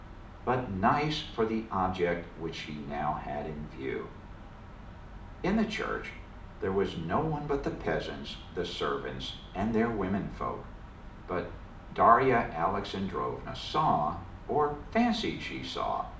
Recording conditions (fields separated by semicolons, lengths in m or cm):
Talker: one person; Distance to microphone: 2.0 m; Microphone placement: close; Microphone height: 99 cm; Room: medium-sized (5.7 m by 4.0 m); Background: none